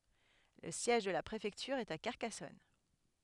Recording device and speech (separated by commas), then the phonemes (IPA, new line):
headset microphone, read sentence
lə sjɛʒ də la pʁefɛktyʁ ɛt a kaʁkasɔn